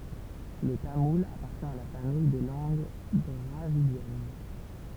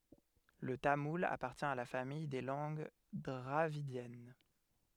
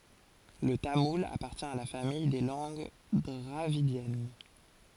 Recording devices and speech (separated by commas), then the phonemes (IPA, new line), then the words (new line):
temple vibration pickup, headset microphone, forehead accelerometer, read sentence
lə tamul apaʁtjɛ̃ a la famij de lɑ̃ɡ dʁavidjɛn
Le tamoul appartient à la famille des langues dravidiennes.